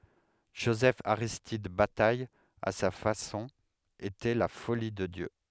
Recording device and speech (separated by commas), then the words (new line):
headset microphone, read sentence
Joseph-Aristide Bataille, à sa façon, était la “folie” de Dieu.